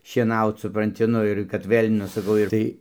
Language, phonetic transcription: Lithuanian, šieˈnaut supranˈti ˈnu ir kad ˈvėl' ˈnu saˈkau ir ˈtai

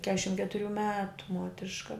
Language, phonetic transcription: Lithuanian, ˈkešim ketuˈrių ˈmetu ˈmuotriška

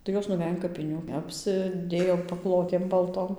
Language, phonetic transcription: Lithuanian, tai ˈjos nuˈvej an kapiˈnių ˌapsiˈdėjo paˈklotėm balˈtom

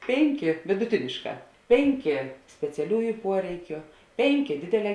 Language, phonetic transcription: Lithuanian, ˈpėnˌkė viduˈtinėšˌkā ˈpėnˌkė speciaˈliųju ˈpuoreikiu ˈpėnˌkė ˈdėdėˌlē

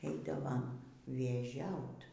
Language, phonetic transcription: Lithuanian, ˈeidavom vėˈžiaut

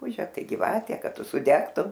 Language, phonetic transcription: Lithuanian, ˈrupūže ˈtai giˈvate ˈkad ˈtu suˈdegtum

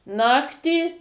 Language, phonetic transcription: Lithuanian, ˈnaktį

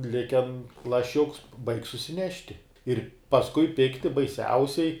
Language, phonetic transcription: Lithuanian, ˈliken laˈšiuks baig' susiˈnešti ir pasˈkui ˈpikti baiˈsiausiai

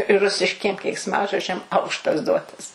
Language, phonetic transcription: Lithuanian, ˈrusiškiem keiksˈmažodžiam ˈaukštas ˈduotas

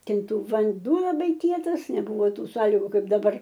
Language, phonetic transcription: Lithuanian, ˈtin ˈtu vanˈduo laˈbai ˈkietas neˈbuvo ˈtų ˈsąlygu ˈkaip daˈbar

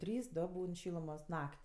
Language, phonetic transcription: Lithuanian, ˈtrys ˈdo ˈbūn ˈšylumos ˈnak't'

